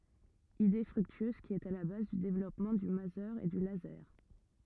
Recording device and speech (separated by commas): rigid in-ear microphone, read sentence